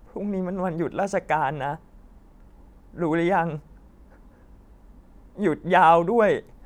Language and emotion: Thai, sad